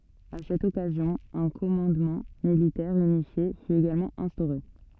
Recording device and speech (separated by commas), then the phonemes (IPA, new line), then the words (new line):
soft in-ear microphone, read sentence
a sɛt ɔkazjɔ̃ œ̃ kɔmɑ̃dmɑ̃ militɛʁ ynifje fy eɡalmɑ̃ ɛ̃stoʁe
À cette occasion, un commandement militaire unifié fut également instauré.